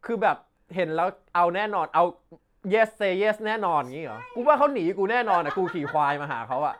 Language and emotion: Thai, happy